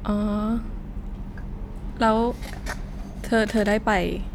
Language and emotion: Thai, frustrated